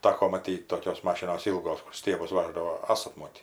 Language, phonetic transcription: Lithuanian, ˈtako maˈtyt' ˈtokios ˈmašinos ˈylgos kur ˈstiebus ˈvaždavo ˈasat ˈmotį

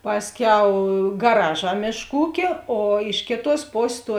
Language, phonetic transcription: Lithuanian, ˈpasˌkiau gaˈraˌžā ˈmėšˌkų ˈūkė o ˈiš kėˌtuos ˈposės tuo

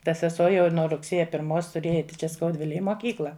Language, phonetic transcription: Lithuanian, ta seˈsuo jau ir nuo rugˈsėja pirˈmos tuˈrėja ˈeiti čia skauˈdvilėj i moˈkykla

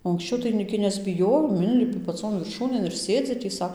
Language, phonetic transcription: Lithuanian, o anksˈčiau tai gi nesbiˈjojom ˈinlipi paˈcon virˈšūnėn ir ˈsėdzi tį ˈsa

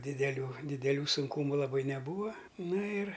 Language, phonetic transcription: Lithuanian, dideˈlių dideˈlių sunˈkūmu laˈbai neˈbūva ˈna ir

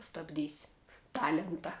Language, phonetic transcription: Lithuanian, stabˈdys' ˈtalenta

